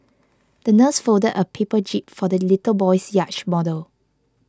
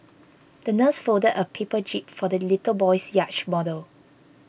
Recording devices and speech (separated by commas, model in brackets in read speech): close-talking microphone (WH20), boundary microphone (BM630), read sentence